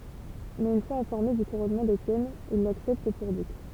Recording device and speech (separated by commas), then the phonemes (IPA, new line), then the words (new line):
temple vibration pickup, read sentence
mɛz yn fwaz ɛ̃fɔʁme dy kuʁɔnmɑ̃ detjɛn il laksɛpt puʁ dyk
Mais une fois informés du couronnement d'Étienne, ils l'acceptent pour duc.